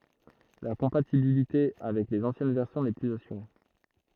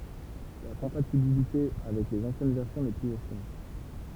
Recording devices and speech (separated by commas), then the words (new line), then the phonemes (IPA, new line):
throat microphone, temple vibration pickup, read sentence
La compatibilité avec les anciennes versions n'est plus assurée.
la kɔ̃patibilite avɛk lez ɑ̃sjɛn vɛʁsjɔ̃ nɛ plyz asyʁe